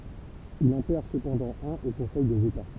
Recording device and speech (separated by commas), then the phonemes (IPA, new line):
temple vibration pickup, read sentence
il ɑ̃ pɛʁ səpɑ̃dɑ̃ œ̃n o kɔ̃sɛj dez eta